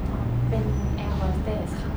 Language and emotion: Thai, neutral